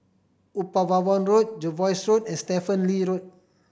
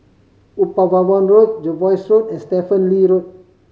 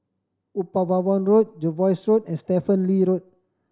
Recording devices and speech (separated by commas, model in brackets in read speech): boundary microphone (BM630), mobile phone (Samsung C5010), standing microphone (AKG C214), read sentence